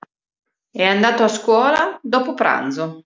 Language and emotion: Italian, neutral